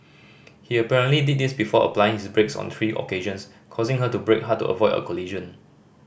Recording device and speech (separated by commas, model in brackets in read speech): boundary microphone (BM630), read sentence